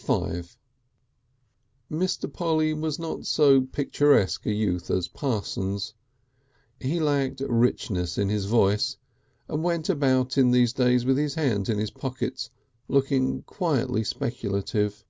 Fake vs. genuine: genuine